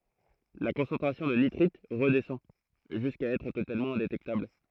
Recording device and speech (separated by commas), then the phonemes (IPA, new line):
throat microphone, read sentence
la kɔ̃sɑ̃tʁasjɔ̃ də nitʁit ʁədɛsɑ̃ ʒyska ɛtʁ totalmɑ̃ ɛ̃detɛktabl